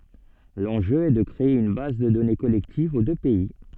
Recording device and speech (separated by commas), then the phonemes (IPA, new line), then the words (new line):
soft in-ear microphone, read sentence
lɑ̃ʒø ɛ də kʁee yn baz də dɔne kɔlɛktiv o dø pɛi
L'enjeu est de créer une base de données collective aux deux pays.